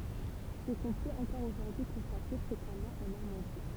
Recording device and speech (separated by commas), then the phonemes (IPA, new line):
temple vibration pickup, read sentence
sə kɔ̃ pøt ɑ̃kɔʁ oʒuʁdyi kɔ̃state fʁekamɑ̃ ɑ̃ nɔʁmɑ̃di